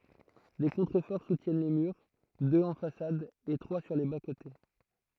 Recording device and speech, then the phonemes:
throat microphone, read sentence
de kɔ̃tʁəfɔʁ sutjɛn le myʁ døz ɑ̃ fasad e tʁwa syʁ le baskote

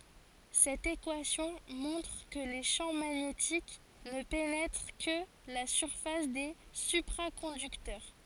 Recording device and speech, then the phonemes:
forehead accelerometer, read sentence
sɛt ekwasjɔ̃ mɔ̃tʁ kə le ʃɑ̃ maɲetik nə penɛtʁ kə la syʁfas de sypʁakɔ̃dyktœʁ

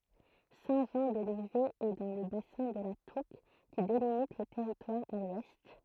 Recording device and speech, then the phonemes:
throat microphone, read sentence
sɛ̃ ʒɑ̃ də livɛ ɛ dɑ̃ lə basɛ̃ də la tuk ki delimit lə tɛʁitwaʁ a lwɛst

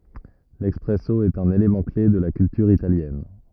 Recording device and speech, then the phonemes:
rigid in-ear microphone, read sentence
lɛspʁɛso ɛt œ̃n elemɑ̃ kle də la kyltyʁ italjɛn

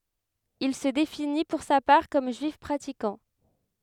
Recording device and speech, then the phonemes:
headset microphone, read sentence
il sə defini puʁ sa paʁ kɔm ʒyif pʁatikɑ̃

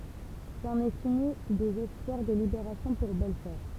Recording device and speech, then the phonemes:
temple vibration pickup, read sentence
sɑ̃n ɛ fini dez ɛspwaʁ də libeʁasjɔ̃ puʁ bɛlfɔʁ

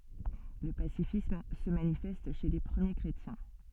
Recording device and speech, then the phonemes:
soft in-ear microphone, read sentence
lə pasifism sə manifɛst ʃe le pʁəmje kʁetjɛ̃

